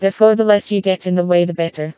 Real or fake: fake